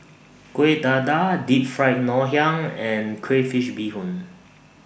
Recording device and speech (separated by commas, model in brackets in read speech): boundary microphone (BM630), read sentence